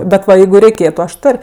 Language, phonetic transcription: Lithuanian, bet ˈva ˈjeigu reiˈkėtu aš ˈtor'

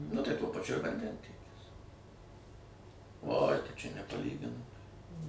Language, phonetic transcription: Lithuanian, nu ˈtai ˈtuo paˈčiu ir vanˈdentiekis oj ˈtai ˈčia nepaˈlyginamai

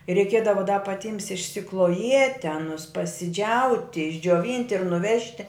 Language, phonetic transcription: Lithuanian, reiˈkiedava da paˈtyms išsikloˈjieti aˈnus pasiˈdžiauti išdžioˈvynti ir nuˈvežti

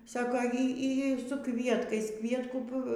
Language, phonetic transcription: Lithuanian, ˈsako ˈy ˈy su ˈkvietkais ˈkvietkų

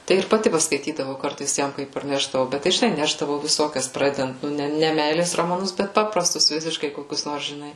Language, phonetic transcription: Lithuanian, tai ir paˈti paskaiˈtydavau ˈkartais ˈjam ˈkaip parˈnešdavau ˈbet tai žiˈnai ˈnešdavau viˈsokias ˈpradedant nu ˈne ˈne ˈmeilės romaˈnus ˈbet ˈpaprastus ˈvisiškai koˈkius ˈnors žiˈnai

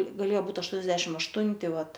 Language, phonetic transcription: Lithuanian, gaˈlėjo ˈbūt ašˈtuoniasdešimt ašˈtunti ˈvat

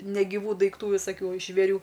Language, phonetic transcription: Lithuanian, negiˈvų daikˈtų visaˈkių žvėˈrių

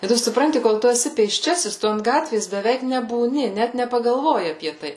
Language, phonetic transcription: Lithuanian, i ˈtu suˈpranti kol ˈtu eˈsi pėsˈčiasis ˈtu ant ˈgatvės beˈveik nebūˈni ˈnet nepagalˈvoji apie ˈtai

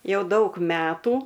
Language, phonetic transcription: Lithuanian, ˈjau ˈdaug ˈmetų

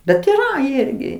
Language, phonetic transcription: Lithuanian, bet yˈra ˈirgi

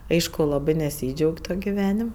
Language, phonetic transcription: Lithuanian, ˈaišku ˈlabɜ neˈsydžiaug' ˈtok' giˈvenim

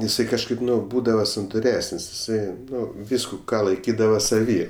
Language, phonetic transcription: Lithuanian, iˈsai kažˈkaip ˈnu ˈbūdava santuˈresən's' iˈsai ˈnu ˈvysku ˈką laiˈkydava saˈvy

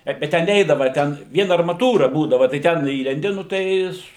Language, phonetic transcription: Lithuanian, ˈbet bet ten ˈneidava ˈten ˈvien armaˈtūra ˈbūdava tai ˈten ˈįlendi nu ˈtai

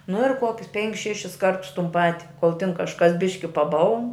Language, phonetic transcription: Lithuanian, nu ir ˈkuokius ˈpenkis ˈšešis ˈkartus tun ˈpati kol tin kažˈkas ˈbiški paˈbaln

